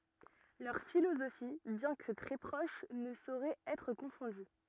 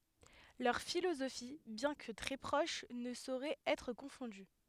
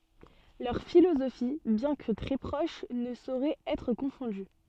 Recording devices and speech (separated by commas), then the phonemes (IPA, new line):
rigid in-ear microphone, headset microphone, soft in-ear microphone, read sentence
lœʁ filozofi bjɛ̃ kə tʁɛ pʁoʃ nə soʁɛt ɛtʁ kɔ̃fɔ̃dy